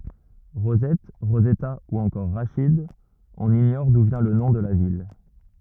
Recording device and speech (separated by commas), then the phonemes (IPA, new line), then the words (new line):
rigid in-ear microphone, read sentence
ʁozɛt ʁozɛta u ɑ̃kɔʁ ʁaʃid ɔ̃n iɲɔʁ du vjɛ̃ lə nɔ̃ də la vil
Rosette, Rosetta ou encore Rachid, on ignore d’où vient le nom de la ville.